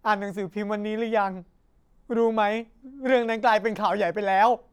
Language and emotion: Thai, sad